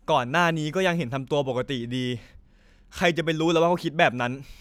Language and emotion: Thai, frustrated